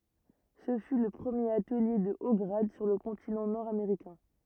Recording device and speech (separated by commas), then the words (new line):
rigid in-ear microphone, read sentence
Ce fut le premier atelier de hauts grades sur le continent nord-américain.